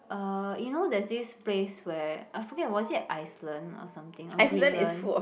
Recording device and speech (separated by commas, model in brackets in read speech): boundary microphone, conversation in the same room